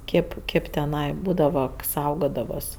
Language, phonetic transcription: Lithuanian, ˈkėp ˈkėp teˈnai ˈbūdava ˈsaugodavas

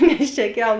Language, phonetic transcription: Lithuanian, nes čia ˈkel

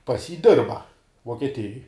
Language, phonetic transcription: Lithuanian, pas jį ˈdirba vuokieˈtijoj

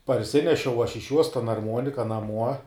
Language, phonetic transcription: Lithuanian, parˈsinešiau aš iš juos tan arˈmuonika naˈmuo

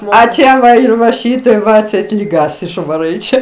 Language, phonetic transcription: Lithuanian, a ˈčia ˈva ir va ˈšytaip va atˈseit lyˈgas išvaˈrai ˈčia

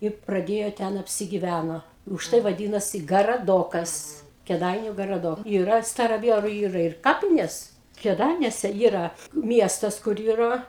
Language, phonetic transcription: Lithuanian, i praˈdėjo ˈten apsigiˈvæno užˈtai vaˈdynasi garaˈdokas kėˈdainiu garaˈdok yˈra staraˈvieru ˈyra ir ˈkapinės kėˈdainiuose ˈyra ˈmiestas kur ˈyra

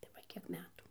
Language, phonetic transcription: Lithuanian, tai ˈva ˈkiek ˈmetų

